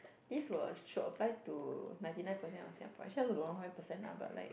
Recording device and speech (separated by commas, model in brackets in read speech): boundary microphone, conversation in the same room